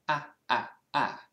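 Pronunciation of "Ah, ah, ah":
The ah vowel here is said in a British accent, and it is fairly thin.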